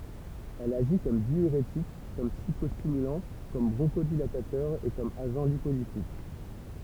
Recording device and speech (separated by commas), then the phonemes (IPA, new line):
temple vibration pickup, read sentence
ɛl aʒi kɔm djyʁetik kɔm psikɔstimylɑ̃ kɔm bʁɔ̃ʃodilatatœʁ e kɔm aʒɑ̃ lipolitik